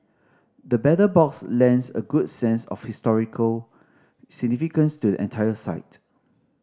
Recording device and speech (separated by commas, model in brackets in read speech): standing microphone (AKG C214), read sentence